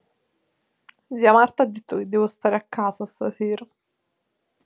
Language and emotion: Italian, sad